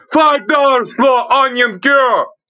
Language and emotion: English, disgusted